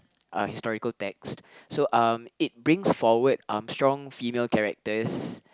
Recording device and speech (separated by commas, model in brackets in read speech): close-talking microphone, conversation in the same room